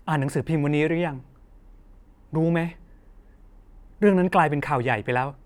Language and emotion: Thai, frustrated